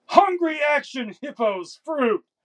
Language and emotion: English, disgusted